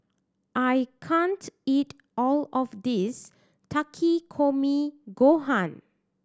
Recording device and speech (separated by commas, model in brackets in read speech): standing microphone (AKG C214), read sentence